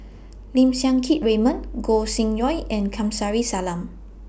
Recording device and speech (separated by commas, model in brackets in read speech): boundary microphone (BM630), read sentence